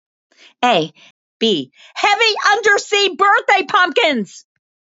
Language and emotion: English, angry